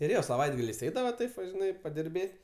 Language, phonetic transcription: Lithuanian, ir ˈjo saˈvaitgaliais ˈeidava ˈtaip va žiˈnai padirˈbėt'

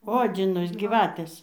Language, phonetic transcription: Lithuanian, ˈodzinas gyˈvatės

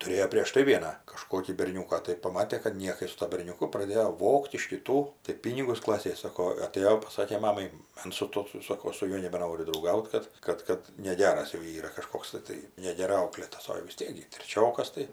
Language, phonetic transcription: Lithuanian, tuˈrėjo prieš ˈtai ˈvieną kaˈžkokį berˈniūką tai paˈmatė kad ˈniekai su ˈtuo berniuˈku praˈdėjo ˈvogt iš kiˈtų tai ˈpynigus ˈklasėj ˈsako aˈtėjo paˈsakė ˈmamai ˈans su ˈtuo ˈsoko ˈaš su ˈjuo nebeˈnoriu drauˈgaut ˈkad ˈkad ˈkad neˈgeras jau ˈyra kaˈžkoks tɜ ˈtai negeˈrai ˈauklėtas o jau vis ˈtiek gi treˈčiokas tai

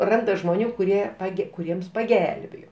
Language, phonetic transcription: Lithuanian, ˈranda žmoˈnių kuˈrie paˈge kuˈriems paˈgelbėjo

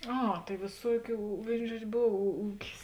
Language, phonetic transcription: Lithuanian, ˈa tai vėˈsuokių ˈvėin ˈžuodž' ˈbov ū ˈūkis

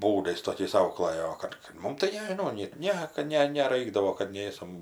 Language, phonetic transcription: Lithuanian, ˈbūdais toˈkiais ˈauklɜjo o ˈkad kad ˈmum tai nežiˈnau net ˈne kad ˈne neˈraikdavo kad ˈnėsam

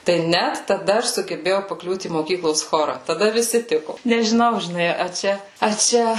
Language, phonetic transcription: Lithuanian, tai ˈnæt taˈda ˈaš sugeˈbėjau paˈkliūt į moˈkyklos ˈchora taˈda viˈsi ˈtiku nežiˈnau žiˈnai a ˈčia a ˈčia

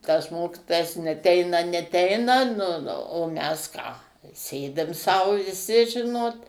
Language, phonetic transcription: Lithuanian, tas ˈmokitojas neˈteina neˈteina nu nu o ˈmes ˈką ˈsėdim sau viˈsi ˈžinot

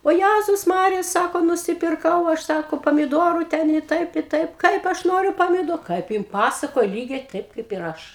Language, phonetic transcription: Lithuanian, o ˈjæzus ˈmarija ˈsako nusipirˈkau ˈaš ˈsako pamiˈdoru ˈten i ˈtaip i ˈtaip ˈkaip ˈaš ˈnoriu pamiˈdo kaip ˈjin ˈpasakoja ˈlygiai ˈtaip kaip ir ˈaš

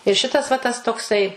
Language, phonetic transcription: Lithuanian, ir ˈšitas va tas tokˈsai

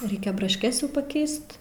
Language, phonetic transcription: Lithuanian, ˈreikia brašˈkes jau paˈkeist

